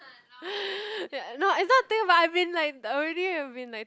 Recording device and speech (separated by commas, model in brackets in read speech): close-talking microphone, conversation in the same room